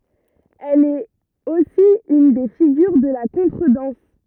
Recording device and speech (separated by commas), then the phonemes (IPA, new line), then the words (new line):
rigid in-ear microphone, read sentence
ɛl ɛt osi yn de fiɡyʁ də la kɔ̃tʁədɑ̃s
Elle est aussi une des figures de la contredanse.